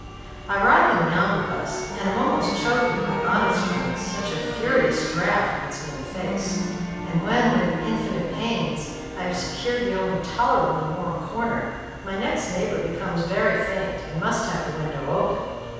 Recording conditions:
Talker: one person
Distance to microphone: 7.1 m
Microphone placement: far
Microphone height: 1.7 m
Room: very reverberant, large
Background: music

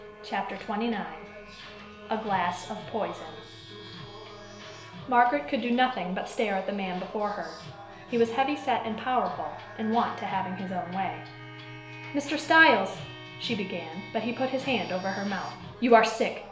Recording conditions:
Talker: one person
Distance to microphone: 1.0 m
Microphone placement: close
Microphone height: 1.1 m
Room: small (3.7 m by 2.7 m)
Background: music

